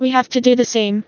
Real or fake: fake